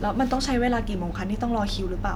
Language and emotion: Thai, frustrated